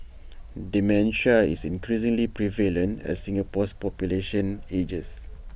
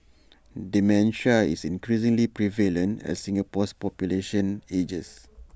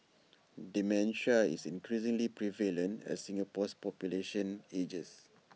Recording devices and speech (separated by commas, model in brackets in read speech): boundary microphone (BM630), standing microphone (AKG C214), mobile phone (iPhone 6), read sentence